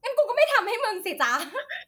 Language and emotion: Thai, happy